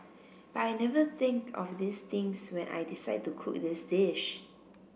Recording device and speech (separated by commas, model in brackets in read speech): boundary microphone (BM630), read sentence